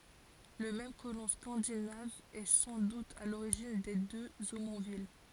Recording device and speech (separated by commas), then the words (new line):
forehead accelerometer, read sentence
Le même colon scandinave est sans doute à l'origine des deux Omonville.